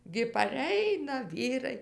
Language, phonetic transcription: Lithuanian, gi paˈreina ˈvyrai

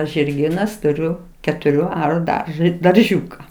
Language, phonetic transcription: Lithuanian, žirˈgynas tuˈriu ketuˈrių ˈaru ˈdarža darˈžiūka

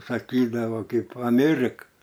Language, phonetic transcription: Lithuanian, saˈkydavo ˈkaip ˈamėrik

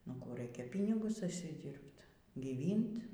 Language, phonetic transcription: Lithuanian, nu ˈkų ˈraikia ˈpynigus užsiˈdyrbt gyˈvynt

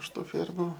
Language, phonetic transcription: Lithuanian, iš ˈtų ˈfėrmu

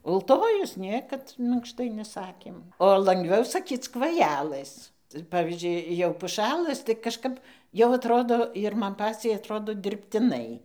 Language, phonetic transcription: Lithuanian, ulˈtojus ˈniekad minkˈštai neˈsakėm o langˈviau saˈkyc kvaˈjelɘs ˈpavyzdžiui ˈjau puˈšælɘs tai kažˈkap jau atˈrodo ir ˈman ˈpaciai atˈrodo dirbtiˈnai

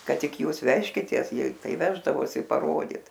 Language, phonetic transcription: Lithuanian, ˈkad ˈtik ˈjūs ˈvežkitės ˈjie ˈtai ˈveždavosi paˈrodyt

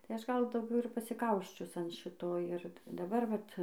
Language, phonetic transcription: Lithuanian, tai ˈaš ˈgal dauˈgiau ir pasiˈkausčius an ˈšito ir daˈbar vat

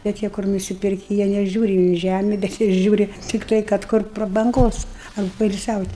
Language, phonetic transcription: Lithuanian, bet ˈjie kur nusiˈpirki jie neˈžiūri į ˈžæmi bet ˈjie ˈžiūri tikˈtai kad ˈkur prabanˈgos ar poilsiaut'

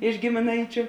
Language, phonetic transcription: Lithuanian, iš gimiˈnaičiu

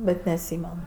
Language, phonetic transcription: Lithuanian, ˈbet neatˈsymen

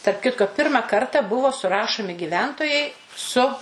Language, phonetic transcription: Lithuanian, tarp ˈkitko ˈpirma ˈkarta ˈbuvo suˈrašomi giˈventojai su

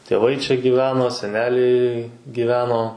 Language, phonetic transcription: Lithuanian, tėˈvai čia gyˈveno seˈneliai gyˈveno

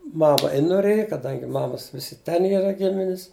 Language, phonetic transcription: Lithuanian, ˈmama i noˈrėja kaˈdangi ˈmamas ˈvisi ˈten ˈyra ˈgiminis

